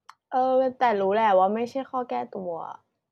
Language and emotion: Thai, frustrated